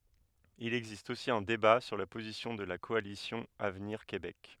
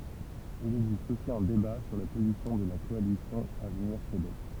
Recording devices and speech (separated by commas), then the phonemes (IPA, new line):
headset microphone, temple vibration pickup, read sentence
il ɛɡzist osi œ̃ deba syʁ la pozisjɔ̃ də la kɔalisjɔ̃ avniʁ kebɛk